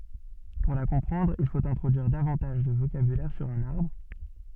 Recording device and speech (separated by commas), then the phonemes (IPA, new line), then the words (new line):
soft in-ear microphone, read sentence
puʁ la kɔ̃pʁɑ̃dʁ il fot ɛ̃tʁodyiʁ davɑ̃taʒ də vokabylɛʁ syʁ œ̃n aʁbʁ
Pour la comprendre, il faut introduire davantage de vocabulaire sur un arbre.